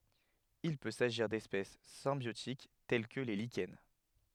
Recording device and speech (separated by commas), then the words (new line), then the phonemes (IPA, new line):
headset microphone, read sentence
Il peut s'agir d'espèces symbiotiques telles que les lichens.
il pø saʒiʁ dɛspɛs sɛ̃bjotik tɛl kə le liʃɛn